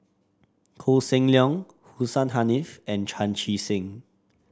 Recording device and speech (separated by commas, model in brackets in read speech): standing microphone (AKG C214), read sentence